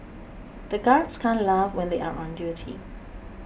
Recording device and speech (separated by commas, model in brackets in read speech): boundary microphone (BM630), read sentence